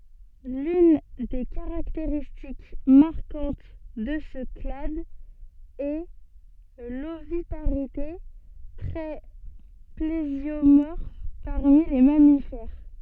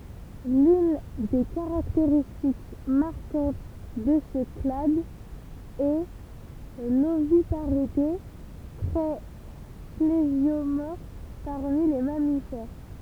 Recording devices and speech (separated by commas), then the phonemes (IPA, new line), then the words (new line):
soft in-ear microphone, temple vibration pickup, read sentence
lyn de kaʁakteʁistik maʁkɑ̃t də sə klad ɛ lovipaʁite tʁɛ plezjomɔʁf paʁmi le mamifɛʁ
L'une des caractéristiques marquantes de ce clade est l'oviparité, trait plésiomorphe parmi les mammifères.